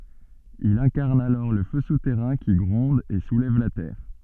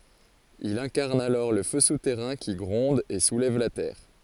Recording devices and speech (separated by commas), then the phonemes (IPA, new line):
soft in-ear microphone, forehead accelerometer, read sentence
il ɛ̃kaʁn alɔʁ lə fø sutɛʁɛ̃ ki ɡʁɔ̃d e sulɛv la tɛʁ